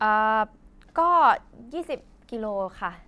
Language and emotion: Thai, neutral